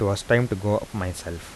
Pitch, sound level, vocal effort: 100 Hz, 81 dB SPL, soft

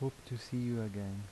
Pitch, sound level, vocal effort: 115 Hz, 78 dB SPL, soft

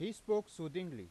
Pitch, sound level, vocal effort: 185 Hz, 94 dB SPL, loud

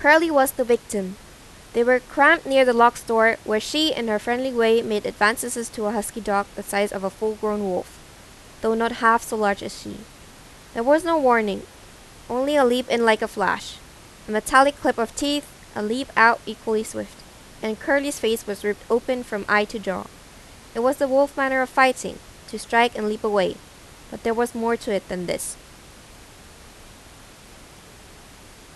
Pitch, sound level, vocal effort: 225 Hz, 88 dB SPL, loud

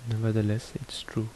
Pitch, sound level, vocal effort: 110 Hz, 71 dB SPL, soft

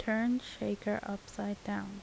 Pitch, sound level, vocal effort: 205 Hz, 77 dB SPL, soft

